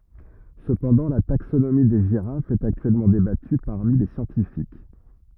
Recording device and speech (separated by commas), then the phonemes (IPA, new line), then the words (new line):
rigid in-ear microphone, read sentence
səpɑ̃dɑ̃ la taksonomi de ʒiʁafz ɛt aktyɛlmɑ̃ debaty paʁmi le sjɑ̃tifik
Cependant la taxonomie des girafes est actuellement débattue parmi les scientifiques.